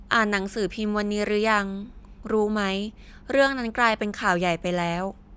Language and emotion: Thai, neutral